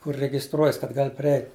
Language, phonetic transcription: Lithuanian, kur regisˈtruojas kad ˈgal' priˈeit'

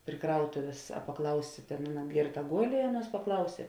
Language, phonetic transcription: Lithuanian, pri ˈkrautuvės a paˈklausė ˈtėn ˈaˌna ˈgėrˌta ˈgol' i ˈaˌnuos paˈklausė

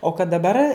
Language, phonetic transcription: Lithuanian, o kad daˈbar

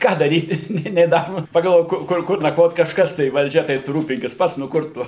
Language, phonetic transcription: Lithuanian, ˈką daˈryti ˈnė nė ˈnamu pagalˈvok ˈkur ˈkur nakˈvot kažˈkas tai valˈdžia tai tu ˈrūpinkis ˈpats nu ˈkur tu

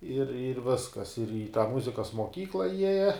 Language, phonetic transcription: Lithuanian, ir ir ˈviskas ir į tą ˈmuzikas moˈkykla ˈjieja

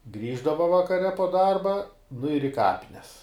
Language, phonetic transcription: Lithuanian, ˈgrįždava vakaˈre po ˈdarba nu ir i ˈkapines

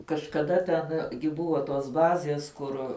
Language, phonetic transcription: Lithuanian, kažkaˈda ten gi ˈbuvo tos ˈbazės ˈkur

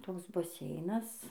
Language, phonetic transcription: Lithuanian, ˈtoks baˈseinas

